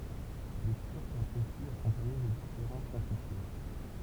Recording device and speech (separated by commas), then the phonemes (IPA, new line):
temple vibration pickup, read sentence
le tyʁk lapʁesit akɔ̃paɲe də difeʁɑ̃t kɔ̃fityʁ